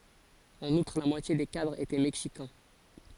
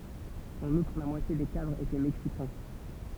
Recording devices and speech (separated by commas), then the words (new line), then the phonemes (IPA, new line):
forehead accelerometer, temple vibration pickup, read sentence
En outre la moitié des cadres étaient Mexicains.
ɑ̃n utʁ la mwatje de kadʁz etɛ mɛksikɛ̃